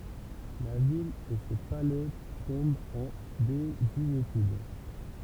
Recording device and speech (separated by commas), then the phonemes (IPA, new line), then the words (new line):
temple vibration pickup, read sentence
la vil e se palɛ tɔ̃bt ɑ̃ dezyetyd
La ville et ses palais tombent en désuétude.